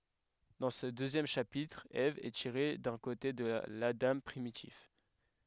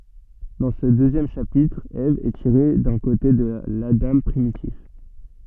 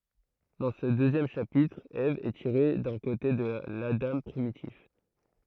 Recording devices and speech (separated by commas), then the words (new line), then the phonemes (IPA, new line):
headset microphone, soft in-ear microphone, throat microphone, read sentence
Dans ce deuxième chapitre, Ève est tirée d'un côté de l'Adam primitif.
dɑ̃ sə døzjɛm ʃapitʁ ɛv ɛ tiʁe dœ̃ kote də ladɑ̃ pʁimitif